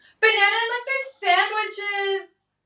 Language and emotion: English, sad